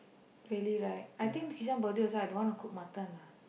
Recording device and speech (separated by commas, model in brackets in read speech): boundary microphone, conversation in the same room